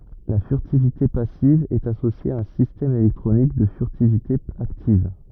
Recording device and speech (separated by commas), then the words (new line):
rigid in-ear microphone, read sentence
La furtivité passive est associée à un système électronique de furtivité active.